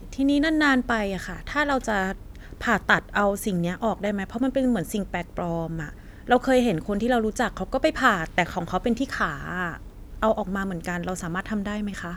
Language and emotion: Thai, neutral